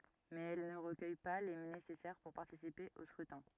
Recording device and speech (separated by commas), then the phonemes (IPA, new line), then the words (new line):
rigid in-ear microphone, read sentence
mɛz ɛl nə ʁəkœj pa le nesɛsɛʁ puʁ paʁtisipe o skʁytɛ̃
Mais elle ne recueille pas les nécessaires pour participer au scrutin.